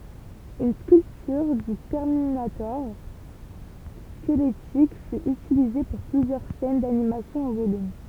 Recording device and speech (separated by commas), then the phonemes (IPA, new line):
temple vibration pickup, read sentence
yn skyltyʁ dy tɛʁminatɔʁ skəlɛtik fy ytilize puʁ plyzjœʁ sɛn danimasjɔ̃ ɑ̃ volym